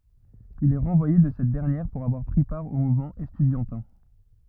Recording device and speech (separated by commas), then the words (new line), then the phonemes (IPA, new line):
rigid in-ear microphone, read sentence
Il est renvoyé de cette dernière pour avoir pris part au mouvement estudiantin.
il ɛ ʁɑ̃vwaje də sɛt dɛʁnjɛʁ puʁ avwaʁ pʁi paʁ o muvmɑ̃ ɛstydjɑ̃tɛ̃